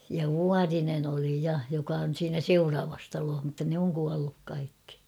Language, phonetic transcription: Finnish, ja "Vuarinen ‿oli 'ja , joka on̬ siinä "seuraavas talooh mutta nᵉ ‿oŋ kualluk 'kaikki .
- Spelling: ja Vuorinen oli ja joka on siinä seuraavassa talossa mutta ne on kuollut kaikki

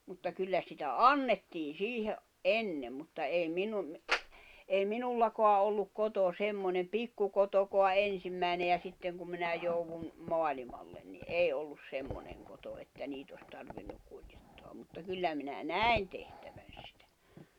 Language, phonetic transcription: Finnish, mutta 'kyllä sitä "annettiin̬ 'siihe’ ’a- , "’ennem mutta ei 'minum mi- , ei 'minullakoa olluk 'koto 'semmonem "pikkukotokoa '’ensimmä̀ine ja 'sitteŋ kum minä jouvun , 'moalimallen ni "’èi ollus 'semmoneŋ koto että 'niit ‿os tarvinnuk̆ 'kuĺjet-toam mutta 'kyllä minä "nä̀i̬n tehtäᴠᴀ̈ɴ̬ sɪtᴀ̈ .
- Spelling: mutta kyllä sitä annettiin siihen - ennen mutta ei minun - ei minulla ollut koto semmoinen pikkukotokaan ensimmäinen ja sitten kun minä joudun maailmalle niin ei ollut semmoinen koto että niitä olisi tarvinnut kuljettaa mutta kyllä minä näin tehtävän sitä

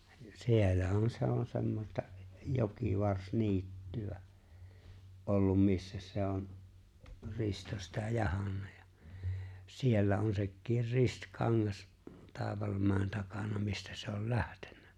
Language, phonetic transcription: Finnish, 'sie̬llähän 'se ‿on 'semmosta , 'jokivars-'niitty₍ä , '’ollum missä se on , 'Risto sitä 'jahannᴀ ᴊᴀ , ja 'siellä on sekkiir "Rist'kaŋŋas , 'Tàivalmä̀en 'takana mistä se ol "läʜtᴇɴɴᴀ̈ .
- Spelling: siellähän se on semmoista jokivarsiniittyä ollut missä se on Risto sitä jahdannut ja ja siellä on sekin Ristikangas Taivalmäen takana mistä se oli lähtenyt

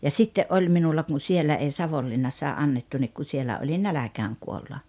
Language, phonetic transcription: Finnish, ja 'sitte’ '’oĺ minulla kun̬ 'siellä ei 'Savollinnassaa '’annettu nik ku 'sielä olin "näläkääŋ 'kuolla .
- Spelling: ja sitten oli minulla kun siellä ei Savonlinnassakaan annettu niin kun siellä olin nälkään kuolla

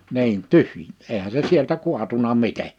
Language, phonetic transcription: Finnish, 'niin "tyhj- , 'eehä se "sieltä 'kuatuna 'mite .
- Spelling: niin - eihän se sieltä kaatunut miten

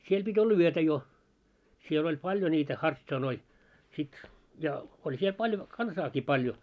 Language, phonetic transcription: Finnish, 'siel ʙit́ ‿olla "yötä jo , siel ‿oĺ 'paĺjo ńiitä "harts̆anoi , sit ja , oĺ siel paĺjo , 'kansaaki paljo .
- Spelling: siellä piti olla yötä jo siellä oli paljon niitä hartsanoita sitten ja oli siellä paljon kansaakin paljon

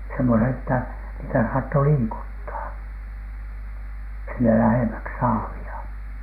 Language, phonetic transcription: Finnish, semmone ‿ttä niitä saatto "liikuttaa , sinne 'lähèmäks "saavi₍a .
- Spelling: semmoinen että niitä saattoi liikuttaa sinne lähemmäksi saavia

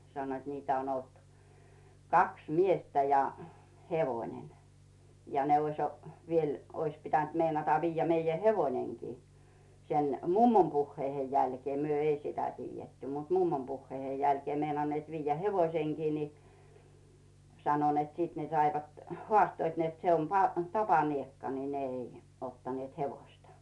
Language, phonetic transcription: Finnish, 'sannoit niitä on ‿olt , "kaks 'miestä ja "hevoⁱnen , ja ne oⁱs , viel , 'ois pitänt 'meinata 'viijjä 'meijä "hevoⁱneŋki , sen , "mummom 'puhheihej jälkⁱè , 'myö "ei sitä 'tiijjetty mut "mummom 'puhheihej jälkⁱè , meinanneet viijjä 'hevoⁱseŋkii ni , sano net 'sit ne saivat , 'hᵒàstoit net se on pa- , "tapaniekka ni 'ne ei , 'ottanⁱèt "hevoⁱsta .
- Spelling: sanoivat niitä on ollut kaksi miestä ja hevonen ja ne olisi vielä olisi pitänyt meinata viedä meidän hevonenkin sen mummon puheiden jälkeen me ei sitä tiedetty mutta mummon puheiden jälkeen meinanneet viedä hevosenkin niin sanoi että sitten ne saivat haastoivat että se on - tapaniekka niin ne ei ottaneet hevosta

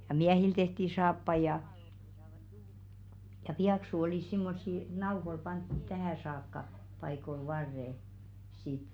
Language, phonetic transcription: Finnish, ja "miähil 'tehti saappai jà , ja "piaksu olìs 'simmossi , 'nauhoⁱl 'pantt(ut̆) "tähä̀ saakka , paikol 'varre , sit .
- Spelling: ja miehille tehtiin saappaita ja ja pieksut olivat semmoisia nauhoilla pannut tähän saakka paikoille varret sitten

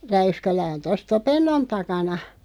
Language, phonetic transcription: Finnish, 'Räyskälä on 'tos "Topennon 'takana .
- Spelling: Räyskälä on tuossa Topennon takana

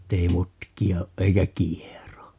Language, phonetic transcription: Finnish, 'ettei "mutki₍a oʼ 'ʼeikä "kiero .
- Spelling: että ei mutkia ole eikä kiero

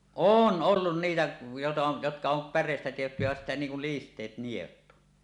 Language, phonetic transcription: Finnish, oon "ollun 'niitä , jota jotka om 'pär̆rèistä tehty jä sittä 'niiŋ kul "list̀eet 'nielut .
- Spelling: on ollut niitä jota jotka on päreistä tehty ja sitten niin kun listeet nielut

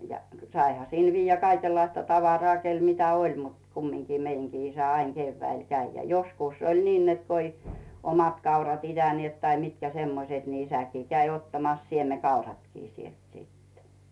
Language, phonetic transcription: Finnish, ja , 'saiha sìl 'vijjä 'kaikellaista tavarᵒà kel 'mitä "oĺ mut , kummiŋki 'meiŋɢii isä "aiŋ 'Geevväil 'käi ja joskùs oĺ 'niin net ko ‿i , 'omat kaurat ‿'itäniet tai mitkä semmoset ni 'isäkii käi ottamas "sieme'kauratkii sielt sittᴇ .
- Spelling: ja saihan sillä viedä kaikenlaista tavaraa kenellä mitä oli mutta kumminkin meidänkin isä aina keväällä kävi ja joskus oli niin että kun ei omat kaurat itäneet tai mitkä semmoiset niin isäkin kävi ottamassa siemenkauratkin sieltä sitten

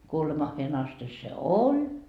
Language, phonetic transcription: Finnish, 'kuolemahheen 'asti se "oĺ .
- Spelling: kuolemaansa asti se oli

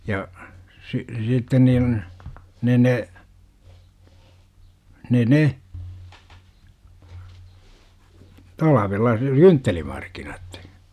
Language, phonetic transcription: Finnish, ja , si- , 'sitten niin , ne ne , ne 'ne , 'talavella (n)e "kynttelimarkinat .
- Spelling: ja - sitten niin ne ne ne ne talvella ne kynttelimarkkinat

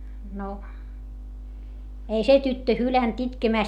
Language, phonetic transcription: Finnish, no , ei se tyttö hylänt itkemä̀st .
- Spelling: no ei se tyttö hylännyt itkemästä

